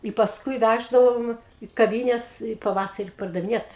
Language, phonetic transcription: Lithuanian, i pasˈkui ˈvæždavom į kaˈvynes i paˈvasari pardaviˈniet

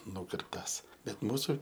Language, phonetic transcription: Lithuanian, ˈnūkirptas bet ˈmūsu

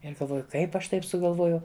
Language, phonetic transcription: Lithuanian, ir galˈvoju ˈkaip ˈaš ˈtaip sugalˈvojau

